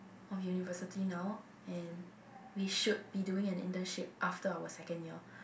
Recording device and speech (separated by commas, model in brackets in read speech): boundary microphone, conversation in the same room